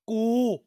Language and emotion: Thai, angry